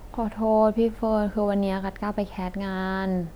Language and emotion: Thai, sad